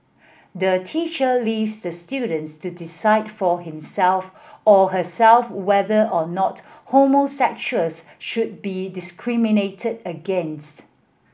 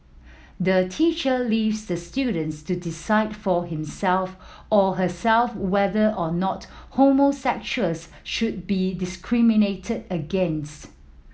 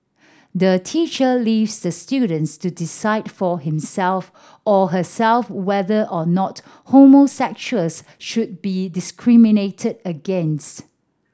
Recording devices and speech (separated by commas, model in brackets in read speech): boundary microphone (BM630), mobile phone (iPhone 7), standing microphone (AKG C214), read sentence